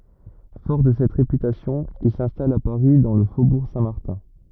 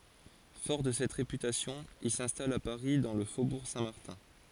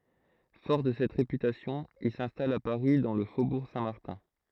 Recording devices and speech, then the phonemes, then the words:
rigid in-ear microphone, forehead accelerometer, throat microphone, read sentence
fɔʁ də sɛt ʁepytasjɔ̃ il sɛ̃stal a paʁi dɑ̃ lə fobuʁ sɛ̃tmaʁtɛ̃
Fort de cette réputation, il s'installe à Paris dans le faubourg Saint-Martin.

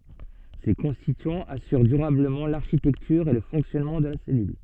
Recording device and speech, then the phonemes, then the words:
soft in-ear microphone, read sentence
se kɔ̃stityɑ̃z asyʁ dyʁabləmɑ̃ laʁʃitɛktyʁ e lə fɔ̃ksjɔnmɑ̃ də la sɛlyl
Ces constituants assurent durablement l'architecture et le fonctionnement de la cellule.

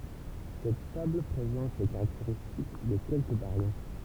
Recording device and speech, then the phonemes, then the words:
temple vibration pickup, read sentence
sɛt tabl pʁezɑ̃t le kaʁakteʁistik də kɛlkə baʁjɔ̃
Cette table présente les caractéristiques de quelques baryons.

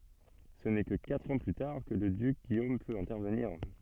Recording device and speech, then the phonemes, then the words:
soft in-ear microphone, read sentence
sə nɛ kə katʁ ɑ̃ ply taʁ kə lə dyk ɡijom pøt ɛ̃tɛʁvəniʁ
Ce n'est que quatre ans plus tard que le duc Guillaume peut intervenir.

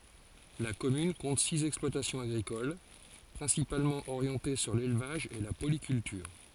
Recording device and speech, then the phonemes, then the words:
forehead accelerometer, read sentence
la kɔmyn kɔ̃t siz ɛksplwatasjɔ̃z aɡʁikol pʁɛ̃sipalmɑ̃ oʁjɑ̃te syʁ lelvaʒ e la polikyltyʁ
La commune compte six exploitations agricoles, principalement orientées sur l'élevage et la polyculture.

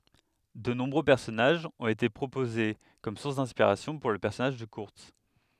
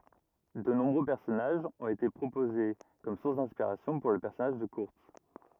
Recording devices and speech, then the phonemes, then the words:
headset microphone, rigid in-ear microphone, read sentence
də nɔ̃bʁø pɛʁsɔnaʒz ɔ̃t ete pʁopoze kɔm suʁs dɛ̃spiʁasjɔ̃ puʁ lə pɛʁsɔnaʒ də kyʁts
De nombreux personnages ont été proposés comme sources d'inspiration pour le personnage de Kurtz.

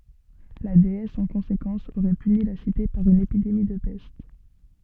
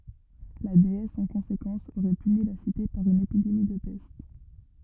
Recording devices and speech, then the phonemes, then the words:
soft in-ear microphone, rigid in-ear microphone, read sentence
la deɛs ɑ̃ kɔ̃sekɑ̃s oʁɛ pyni la site paʁ yn epidemi də pɛst
La déesse, en conséquence, aurait puni la Cité par une épidémie de peste.

